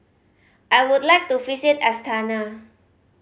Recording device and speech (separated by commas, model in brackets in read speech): mobile phone (Samsung C5010), read sentence